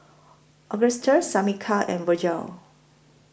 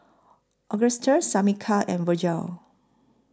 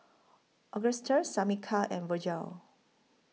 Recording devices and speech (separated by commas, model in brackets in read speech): boundary microphone (BM630), close-talking microphone (WH20), mobile phone (iPhone 6), read sentence